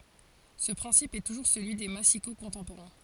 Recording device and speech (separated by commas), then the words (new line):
forehead accelerometer, read sentence
Ce principe est toujours celui des massicots contemporains.